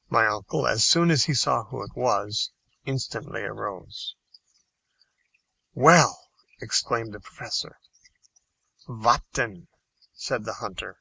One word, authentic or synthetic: authentic